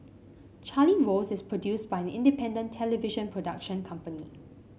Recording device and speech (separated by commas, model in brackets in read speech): mobile phone (Samsung C5), read sentence